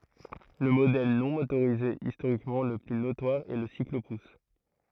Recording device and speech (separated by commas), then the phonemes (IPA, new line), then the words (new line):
throat microphone, read sentence
lə modɛl nɔ̃ motoʁize istoʁikmɑ̃ lə ply notwaʁ ɛ lə siklopus
Le modèle non motorisé historiquement le plus notoire est le cyclo-pousse.